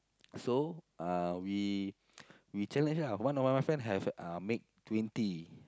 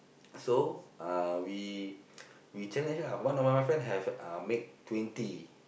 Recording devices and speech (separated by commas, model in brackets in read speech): close-talking microphone, boundary microphone, conversation in the same room